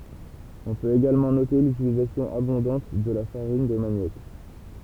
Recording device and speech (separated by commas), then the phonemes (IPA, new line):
temple vibration pickup, read sentence
ɔ̃ pøt eɡalmɑ̃ note lytilizasjɔ̃ abɔ̃dɑ̃t də la faʁin də manjɔk